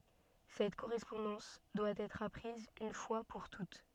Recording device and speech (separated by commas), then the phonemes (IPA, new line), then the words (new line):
soft in-ear microphone, read sentence
sɛt koʁɛspɔ̃dɑ̃s dwa ɛtʁ apʁiz yn fwa puʁ tut
Cette correspondance doit être apprise une fois pour toutes.